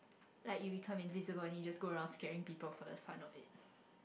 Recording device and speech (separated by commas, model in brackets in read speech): boundary microphone, conversation in the same room